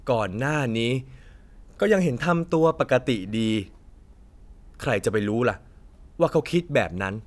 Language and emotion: Thai, frustrated